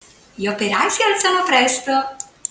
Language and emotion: Italian, happy